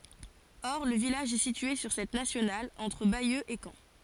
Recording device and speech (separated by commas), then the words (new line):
forehead accelerometer, read sentence
Or le village est situé sur cette nationale, entre Bayeux et Caen.